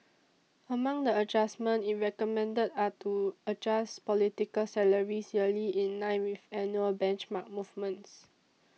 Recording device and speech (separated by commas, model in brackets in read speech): mobile phone (iPhone 6), read sentence